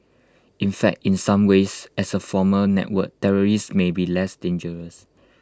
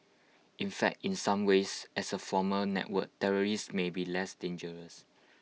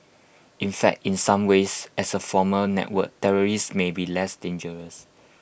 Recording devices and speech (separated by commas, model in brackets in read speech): close-talking microphone (WH20), mobile phone (iPhone 6), boundary microphone (BM630), read sentence